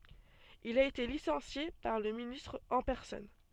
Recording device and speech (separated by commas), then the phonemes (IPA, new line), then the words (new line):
soft in-ear microphone, read sentence
il a ete lisɑ̃sje paʁ lə ministʁ ɑ̃ pɛʁsɔn
Il a été licencié par le ministre en personne.